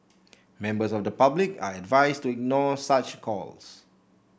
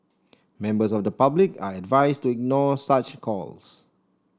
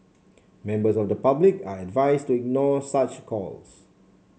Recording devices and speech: boundary microphone (BM630), standing microphone (AKG C214), mobile phone (Samsung C7), read sentence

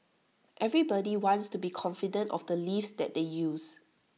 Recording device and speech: mobile phone (iPhone 6), read sentence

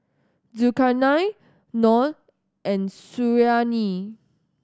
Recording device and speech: standing microphone (AKG C214), read sentence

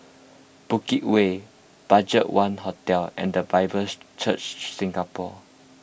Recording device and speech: boundary microphone (BM630), read sentence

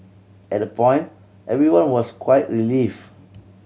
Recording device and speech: mobile phone (Samsung C7100), read sentence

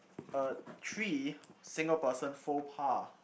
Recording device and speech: boundary microphone, conversation in the same room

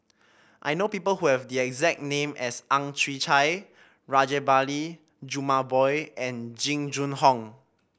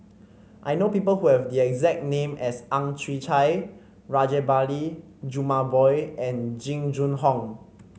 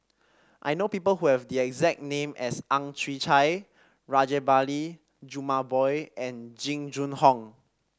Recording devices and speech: boundary microphone (BM630), mobile phone (Samsung C5), standing microphone (AKG C214), read sentence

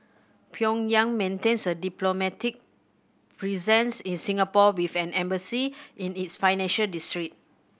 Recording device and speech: boundary microphone (BM630), read sentence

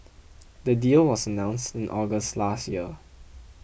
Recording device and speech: boundary microphone (BM630), read sentence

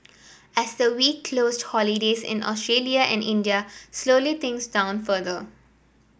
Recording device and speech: boundary microphone (BM630), read sentence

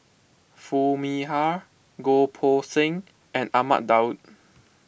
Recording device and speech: boundary microphone (BM630), read sentence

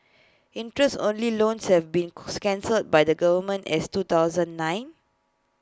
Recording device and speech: close-talking microphone (WH20), read sentence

